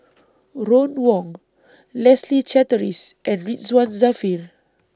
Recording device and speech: standing microphone (AKG C214), read sentence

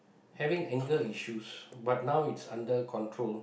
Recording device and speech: boundary microphone, conversation in the same room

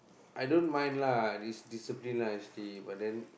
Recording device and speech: boundary microphone, conversation in the same room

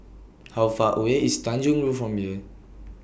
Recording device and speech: boundary microphone (BM630), read sentence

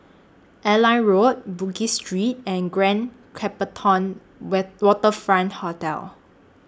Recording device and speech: standing microphone (AKG C214), read sentence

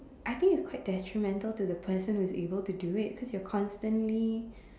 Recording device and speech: standing microphone, conversation in separate rooms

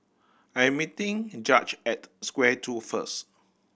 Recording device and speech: boundary microphone (BM630), read sentence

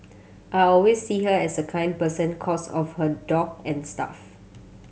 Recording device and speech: mobile phone (Samsung C7100), read sentence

